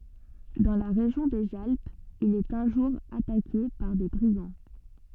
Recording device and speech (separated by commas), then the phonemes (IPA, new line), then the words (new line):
soft in-ear microphone, read sentence
dɑ̃ la ʁeʒjɔ̃ dez alpz il ɛt œ̃ ʒuʁ atake paʁ de bʁiɡɑ̃
Dans la région des Alpes, il est un jour attaqué par des brigands.